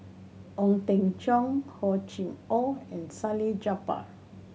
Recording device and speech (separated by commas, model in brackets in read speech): mobile phone (Samsung C7100), read sentence